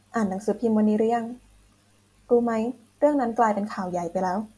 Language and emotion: Thai, neutral